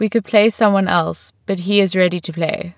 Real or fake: real